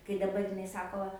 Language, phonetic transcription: Lithuanian, kai daˈbar jiˈnai ˈsako

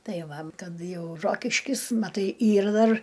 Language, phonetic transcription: Lithuanian, ˈtai ˈva ˈkad ˈjau ˈrokiškis maˈtai ˈyr ˈdar

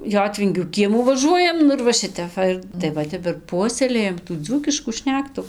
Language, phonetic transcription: Lithuanian, ˈjotvingių ˈkiemų vaˈžuojam ˈnu ir va ˈšitep ˈva ir tai ˈva ˈtep ir ˈpuoselėjam tų ˈdzūkiškų ˈšnektu

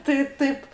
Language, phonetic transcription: Lithuanian, tai ˈtaip

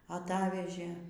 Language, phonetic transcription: Lithuanian, aˈtavežė

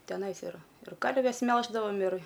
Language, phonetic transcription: Lithuanian, teˈnais iˈra ir ˈkarves ˈmelždavom ir

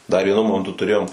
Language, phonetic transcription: Lithuanian, dar ˈvienu ˈmomentu tuˈrėjom

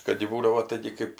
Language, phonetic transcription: Lithuanian, ˈkad ji ˈbūdavo ˈtaigi kɜp

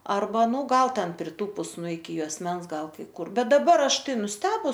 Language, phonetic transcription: Lithuanian, arˈba ˈnū ˈgal ˈten priˈtūpus nu iki juosˈmens ˈgal kai ˈkur ˈbet daˈbar ˈaš ˈtai nusˈtebus

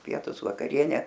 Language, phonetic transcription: Lithuanian, ˈpietus vakaˈriene

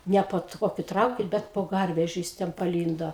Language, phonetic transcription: Lithuanian, ˈne po ˈtokiu ˈtraukin ˈbet po ˈgarvežiu jis ˈten paˈlyndo

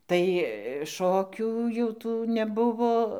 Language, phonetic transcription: Lithuanian, tai ˈšokių jau ˈtų neˈbuvo

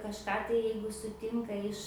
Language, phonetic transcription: Lithuanian, kažˈką tai ˈjeigu suˈtinka iš

